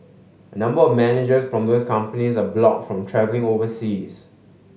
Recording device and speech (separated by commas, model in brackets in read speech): mobile phone (Samsung S8), read sentence